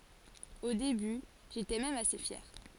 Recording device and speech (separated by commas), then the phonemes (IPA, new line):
forehead accelerometer, read sentence
o deby ʒetɛ mɛm ase fjɛʁ